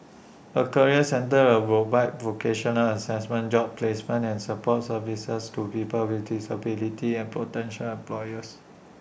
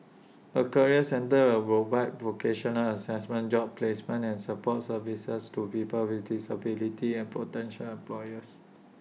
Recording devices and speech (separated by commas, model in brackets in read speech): boundary microphone (BM630), mobile phone (iPhone 6), read sentence